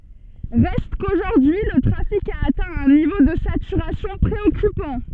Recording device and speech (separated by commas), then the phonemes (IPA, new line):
soft in-ear microphone, read sentence
ʁɛst koʒuʁdyi lə tʁafik a atɛ̃ œ̃ nivo də satyʁasjɔ̃ pʁeɔkypɑ̃